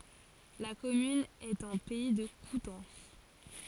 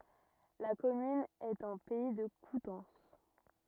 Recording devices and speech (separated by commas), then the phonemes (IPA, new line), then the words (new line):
forehead accelerometer, rigid in-ear microphone, read sentence
la kɔmyn ɛt ɑ̃ pɛi də kutɑ̃s
La commune est en Pays de Coutances.